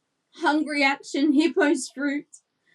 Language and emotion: English, sad